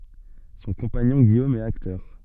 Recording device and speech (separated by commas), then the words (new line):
soft in-ear microphone, read sentence
Son compagnon, Guillaume, est acteur.